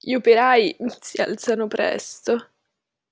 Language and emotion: Italian, disgusted